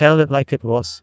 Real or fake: fake